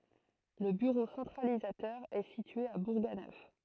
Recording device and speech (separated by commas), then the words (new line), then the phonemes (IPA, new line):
throat microphone, read sentence
Le bureau centralisateur est situé à Bourganeuf.
lə byʁo sɑ̃tʁalizatœʁ ɛ sitye a buʁɡanœf